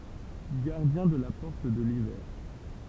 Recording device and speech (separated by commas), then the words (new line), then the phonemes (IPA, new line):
temple vibration pickup, read sentence
Gardien de la porte de l'hiver.
ɡaʁdjɛ̃ də la pɔʁt də livɛʁ